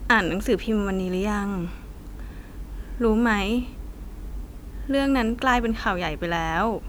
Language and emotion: Thai, frustrated